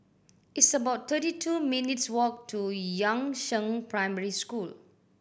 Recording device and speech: boundary microphone (BM630), read sentence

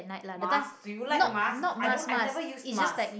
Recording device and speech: boundary microphone, conversation in the same room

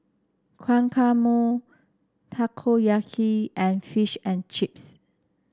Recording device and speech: standing microphone (AKG C214), read sentence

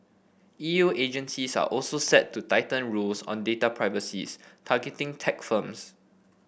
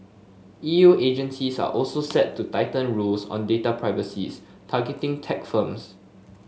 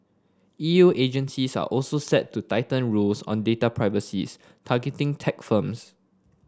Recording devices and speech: boundary microphone (BM630), mobile phone (Samsung S8), standing microphone (AKG C214), read sentence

